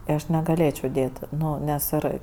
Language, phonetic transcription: Lithuanian, tai ˈaš negaˈlėčiau ˈdėt ˈnu nes ˈir

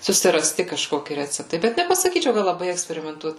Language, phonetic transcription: Lithuanian, susiraˈsti kažˈkoki ˈreceptai ˈbet nepasaˈkyčiau kad laˈbai eksperimenˈtuot

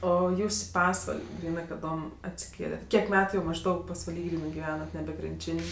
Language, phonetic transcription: Lithuanian, ˈo ˈjūs i ˈpasval' ˈgrynɜ kaˈdom atsiˈkėlet' ˈkiek ˈmetu jau mažˈdaug pasvaˈly ˈgrynɜ giˈvenat ˈnebe krinˈčin'

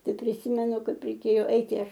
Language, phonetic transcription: Lithuanian, ˈtai priˈsymenu ˈkaip reiˈkėjo ˈaiti ˈaš

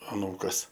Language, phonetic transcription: Lithuanian, aˈnūkas

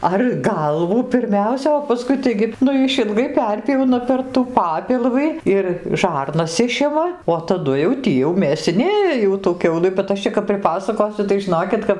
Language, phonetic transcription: Lithuanian, ar ˈgalvų pirˈmiausia o paˈskui ˈtaigi ˈnu išilˈgai ˈperpjauna per tų ˈpapilvɨ ir ˈžarnas ˈišima o taˈdu jau ˈtį jau mėsiˈnėja ˈjau tų ˈkiaulɨ bet ˈaš čia kap priˈpasakosiu tai žiˈnokit kap

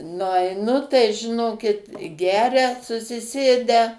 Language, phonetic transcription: Lithuanian, nuaiˈnu tai žiˈnokit ˈgeria susiˈsėdę

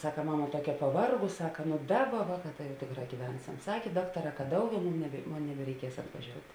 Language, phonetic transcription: Lithuanian, ˈsaka ˈmama ˈtuokia paˈvargus ˈsaka ˈnu ˈdaˌba ˈvāˌkā ta jau ˈtėkˌrā gyˈvensiam ˈsakė ˈdaktaˌrā ka ˈdauˌgiau ˈmum nebe ˈmon nebereiˈkies atvaˈžiout'

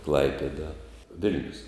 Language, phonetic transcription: Lithuanian, ˈklaipeda ˈvil'nius

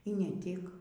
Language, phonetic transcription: Lithuanian, y ˈne ˈtik

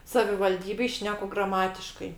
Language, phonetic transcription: Lithuanian, savivalˈdybėj ˈšneku graˈmatiškai

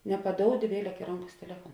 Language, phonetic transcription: Lithuanian, nepaˈdoudi ˈvieˌlek i ˈronˌkas teˈlefuon

